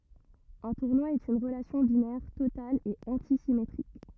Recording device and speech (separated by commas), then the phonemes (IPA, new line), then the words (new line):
rigid in-ear microphone, read sentence
œ̃ tuʁnwa ɛt yn ʁəlasjɔ̃ binɛʁ total e ɑ̃tisimetʁik
Un tournoi est une relation binaire totale et antisymétrique.